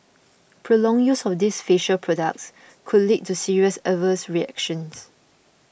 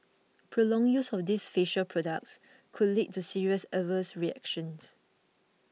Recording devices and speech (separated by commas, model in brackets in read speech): boundary microphone (BM630), mobile phone (iPhone 6), read sentence